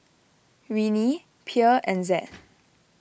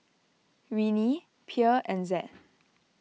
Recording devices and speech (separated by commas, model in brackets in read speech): boundary microphone (BM630), mobile phone (iPhone 6), read sentence